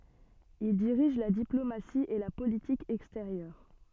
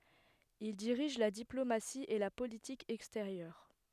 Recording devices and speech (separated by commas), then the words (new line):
soft in-ear microphone, headset microphone, read sentence
Il dirige la diplomatie et la politique extérieure.